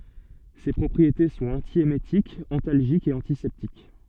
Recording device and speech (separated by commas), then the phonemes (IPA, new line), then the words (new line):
soft in-ear microphone, read sentence
se pʁɔpʁiete sɔ̃t ɑ̃tjemetikz ɑ̃talʒikz e ɑ̃tisɛptik
Ses propriétés sont antiémétiques, antalgiques et antiseptiques.